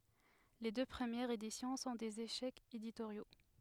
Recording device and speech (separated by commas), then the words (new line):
headset microphone, read sentence
Les deux premières éditions sont des échecs éditoriaux.